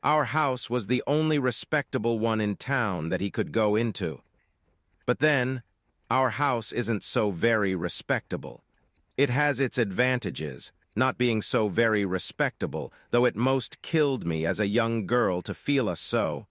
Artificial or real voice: artificial